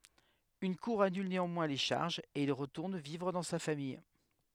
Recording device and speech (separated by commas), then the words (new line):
headset microphone, read sentence
Une cour annule néanmoins les charges et il retourne vivre dans sa famille.